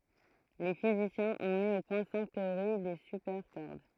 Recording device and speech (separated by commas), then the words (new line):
throat microphone, read sentence
Les physiciens ont mis au point cinq théories des supercordes.